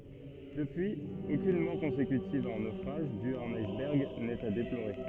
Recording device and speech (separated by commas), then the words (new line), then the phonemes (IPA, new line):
soft in-ear microphone, read sentence
Depuis, aucune mort consécutive à un naufrage dû à un iceberg n'est à déplorer.
dəpyiz okyn mɔʁ kɔ̃sekytiv a œ̃ nofʁaʒ dy a œ̃n ajsbɛʁɡ nɛt a deploʁe